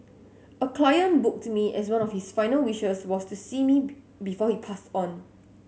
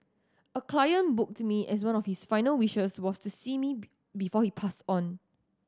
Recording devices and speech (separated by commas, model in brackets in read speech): mobile phone (Samsung S8), standing microphone (AKG C214), read sentence